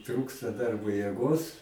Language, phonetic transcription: Lithuanian, ˈtrūksta ˈdarbo jėˈgos

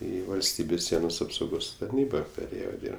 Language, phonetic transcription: Lithuanian, ˈį valˈstybės ˈsienos apsauˈgos tarˈnyba peˈrėjo ˈdyrb

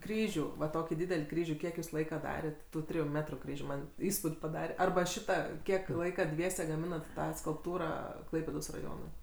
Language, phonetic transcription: Lithuanian, ˈkryžių va ˈtokį ˈdydel' ˈkryžių ˈkiek jūs ˈlaika ˈdaret' tų ˈtrijų ˈmetru ˈkryžių ˈman' ˈįspūd' paˈdare ˈarba ˈšita ˈkiek ˈlaika ˈdviese gaˈminat ˈtą skulpˈtūrą ˈklaipėdos raˈjonui

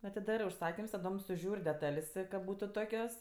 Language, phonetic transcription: Lithuanian, atiˈdarɜ užˈsakims taˈdom suˈžiūr' deˈtal's' kad ˈbūtu ˈtokios

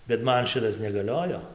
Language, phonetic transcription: Lithuanian, bet ˈman ˈšitas negaˈliojo

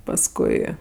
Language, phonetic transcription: Lithuanian, pasˈkui

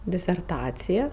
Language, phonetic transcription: Lithuanian, diserˈtacija

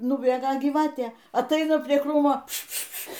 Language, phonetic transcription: Lithuanian, nuˈbėga gyˈvatė atˈaina prie ˈkrūmo pšpšpšpš

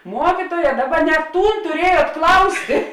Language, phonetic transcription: Lithuanian, ˈmuokituoja ˈdaˌba ne ˈtūn tuˈriejuot ˈklaustė

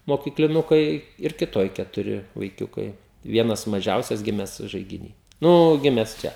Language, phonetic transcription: Lithuanian, mokykliˈnukai ir kiˈtoj ketuˈri vaiˈkiukai ˈvienas maˈžiausias ˈgimes žaigiˈny ˈnu ˈgimes ˈčia

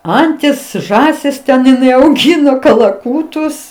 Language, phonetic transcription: Lithuanian, ˈantis ˈžąsis ten iˈnai auˈgino kalaˈkūtus

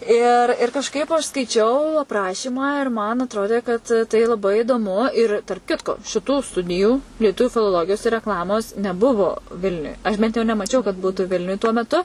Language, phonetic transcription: Lithuanian, ir ir kažˈkaip aš skaiˈčiau apˈrašymą ir man atˈrodė kad tai laˈbai idoˈmu ir tarp ˈkitko šiˈtų ˈstudijų lieˈtuviu filoˈlogijos ir rekˈlamos neˈbuvo ˈvilniuj aš bent jau nemaˈčiau kad ˈbūtu ˈvilniuj tuo meˈtu

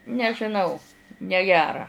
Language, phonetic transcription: Lithuanian, nežiˈnau neˈgera

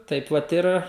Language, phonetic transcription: Lithuanian, ˈtaip vat ˈir

